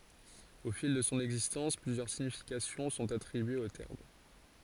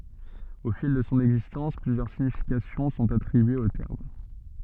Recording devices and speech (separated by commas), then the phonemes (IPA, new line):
forehead accelerometer, soft in-ear microphone, read sentence
o fil də sɔ̃ ɛɡzistɑ̃s plyzjœʁ siɲifikasjɔ̃ sɔ̃t atʁibyez o tɛʁm